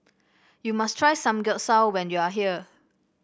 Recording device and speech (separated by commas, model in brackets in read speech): boundary microphone (BM630), read sentence